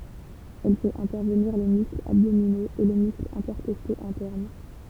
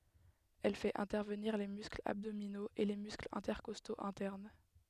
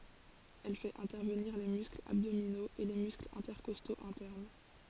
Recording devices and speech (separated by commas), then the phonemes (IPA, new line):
temple vibration pickup, headset microphone, forehead accelerometer, read sentence
ɛl fɛt ɛ̃tɛʁvəniʁ le mysklz abdominoz e le mysklz ɛ̃tɛʁkɔstoz ɛ̃tɛʁn